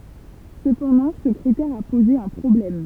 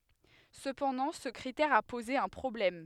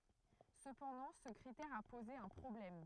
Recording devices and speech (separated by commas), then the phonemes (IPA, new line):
temple vibration pickup, headset microphone, throat microphone, read sentence
səpɑ̃dɑ̃ sə kʁitɛʁ a poze œ̃ pʁɔblɛm